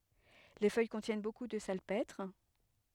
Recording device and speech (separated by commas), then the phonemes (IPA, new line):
headset microphone, read sentence
le fœj kɔ̃tjɛn boku də salpɛtʁ